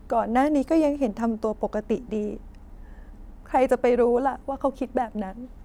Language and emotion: Thai, sad